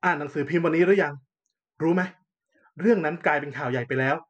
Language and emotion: Thai, frustrated